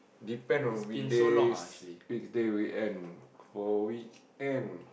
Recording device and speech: boundary microphone, conversation in the same room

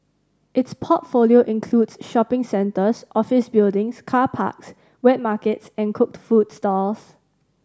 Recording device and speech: standing microphone (AKG C214), read sentence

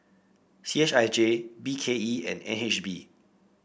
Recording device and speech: boundary microphone (BM630), read sentence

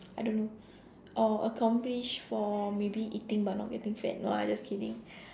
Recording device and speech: standing microphone, conversation in separate rooms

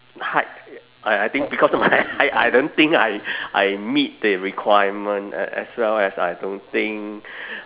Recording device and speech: telephone, conversation in separate rooms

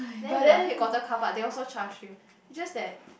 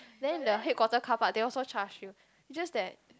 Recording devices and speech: boundary microphone, close-talking microphone, conversation in the same room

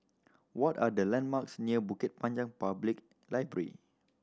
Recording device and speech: standing microphone (AKG C214), read sentence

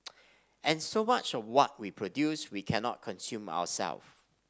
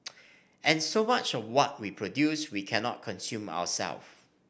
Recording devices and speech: standing microphone (AKG C214), boundary microphone (BM630), read sentence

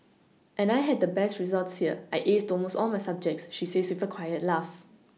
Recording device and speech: mobile phone (iPhone 6), read sentence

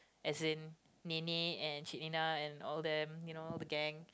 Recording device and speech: close-talking microphone, conversation in the same room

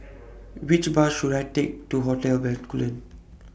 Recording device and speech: boundary microphone (BM630), read sentence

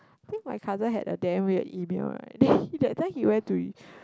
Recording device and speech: close-talking microphone, conversation in the same room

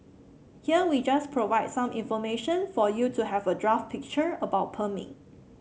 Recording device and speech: mobile phone (Samsung C7), read sentence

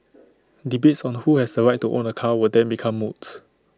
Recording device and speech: standing microphone (AKG C214), read sentence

